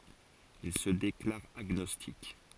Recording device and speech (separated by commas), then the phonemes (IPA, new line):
forehead accelerometer, read sentence
il sə deklaʁ aɡnɔstik